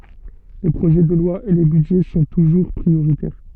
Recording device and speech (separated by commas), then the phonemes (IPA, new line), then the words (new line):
soft in-ear microphone, read sentence
le pʁoʒɛ də lwa e le bydʒɛ sɔ̃ tuʒuʁ pʁioʁitɛʁ
Les projets de loi et les budgets sont toujours prioritaires.